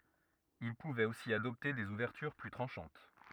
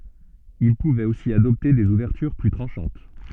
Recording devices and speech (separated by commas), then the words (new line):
rigid in-ear microphone, soft in-ear microphone, read sentence
Il pouvait aussi adopter des ouvertures plus tranchantes.